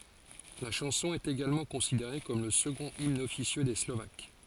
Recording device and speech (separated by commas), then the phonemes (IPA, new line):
forehead accelerometer, read sentence
la ʃɑ̃sɔ̃ ɛt eɡalmɑ̃ kɔ̃sideʁe kɔm lə səɡɔ̃t imn ɔfisjø de slovak